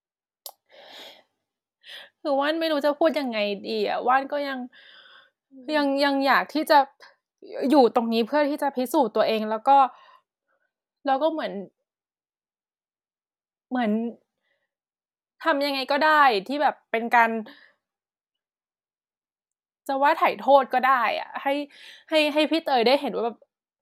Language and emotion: Thai, sad